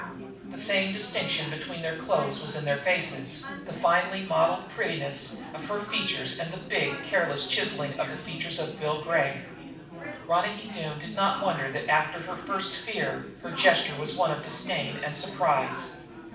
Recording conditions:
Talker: one person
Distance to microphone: 5.8 m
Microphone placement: far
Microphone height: 1.8 m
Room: medium-sized (5.7 m by 4.0 m)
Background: babble

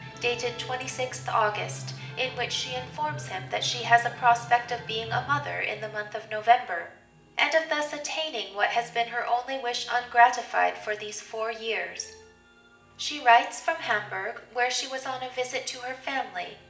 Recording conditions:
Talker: one person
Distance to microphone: 1.8 m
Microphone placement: close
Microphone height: 1.0 m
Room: large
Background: music

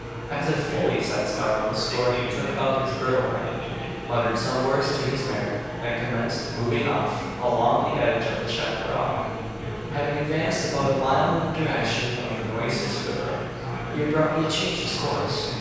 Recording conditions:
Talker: one person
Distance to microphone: 7.1 m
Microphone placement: far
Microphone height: 1.7 m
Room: very reverberant, large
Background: babble

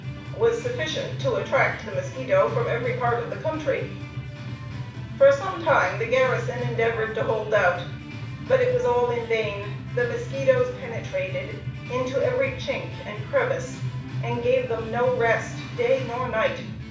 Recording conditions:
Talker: one person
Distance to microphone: 5.8 m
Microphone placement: far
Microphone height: 1.8 m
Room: medium-sized (5.7 m by 4.0 m)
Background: music

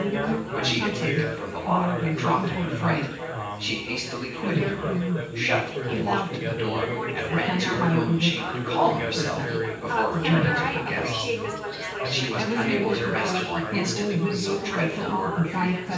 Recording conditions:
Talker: one person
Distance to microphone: 9.8 m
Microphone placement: far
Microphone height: 1.8 m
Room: large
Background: babble

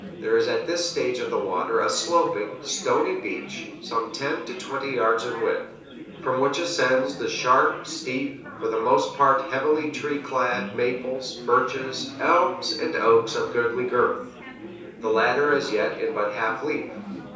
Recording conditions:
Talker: one person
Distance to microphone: 3.0 m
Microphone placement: far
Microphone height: 1.8 m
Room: small (3.7 m by 2.7 m)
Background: babble

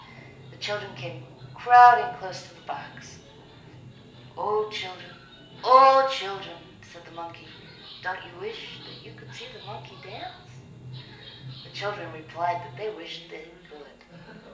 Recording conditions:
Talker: one person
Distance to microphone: 1.8 m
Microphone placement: close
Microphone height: 1.0 m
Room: large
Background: television

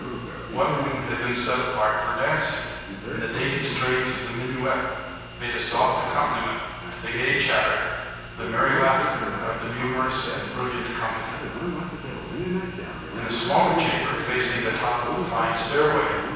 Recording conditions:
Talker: one person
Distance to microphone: 7.1 m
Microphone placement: far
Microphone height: 1.7 m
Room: very reverberant, large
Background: television

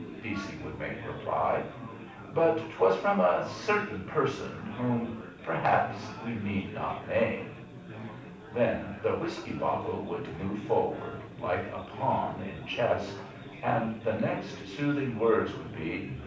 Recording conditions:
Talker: one person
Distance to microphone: 5.8 m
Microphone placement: far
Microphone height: 1.8 m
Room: medium-sized (5.7 m by 4.0 m)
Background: babble

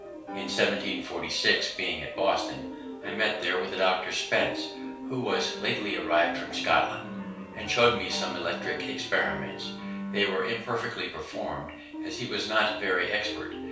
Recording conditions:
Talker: one person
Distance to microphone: 3.0 m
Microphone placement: far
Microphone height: 1.8 m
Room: small (3.7 m by 2.7 m)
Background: music

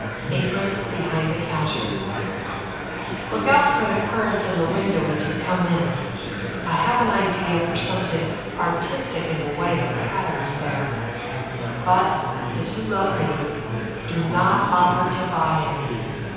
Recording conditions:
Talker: one person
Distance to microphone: 7.1 m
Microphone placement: far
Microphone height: 1.7 m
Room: very reverberant, large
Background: babble

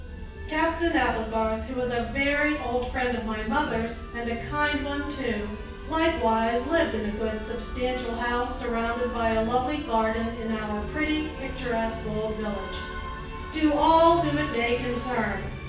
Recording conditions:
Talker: one person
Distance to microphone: 9.8 m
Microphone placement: far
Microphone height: 1.8 m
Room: large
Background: music

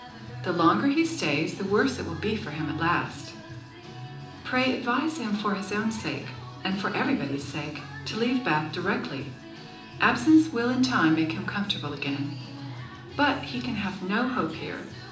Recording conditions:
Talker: one person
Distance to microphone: 2.0 m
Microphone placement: close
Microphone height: 99 cm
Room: medium-sized (5.7 m by 4.0 m)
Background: music

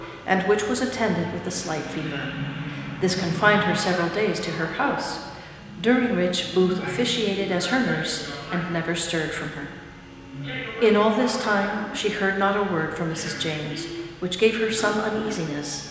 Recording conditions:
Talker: one person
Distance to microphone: 1.7 m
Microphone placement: close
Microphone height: 1.0 m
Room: very reverberant, large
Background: television

